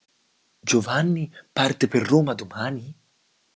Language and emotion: Italian, surprised